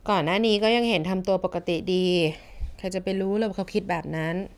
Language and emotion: Thai, frustrated